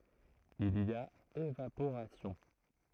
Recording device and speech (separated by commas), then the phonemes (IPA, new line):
throat microphone, read sentence
il i a evapoʁasjɔ̃